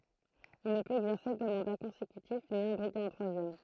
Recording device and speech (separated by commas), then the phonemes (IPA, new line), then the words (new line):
throat microphone, read sentence
il nə pøt ɛɡzɛʁse dø mɑ̃da kɔ̃sekytif ni ɑ̃ bʁiɡe œ̃ tʁwazjɛm
Il ne peut exercer deux mandats consécutifs ni en briguer un troisième.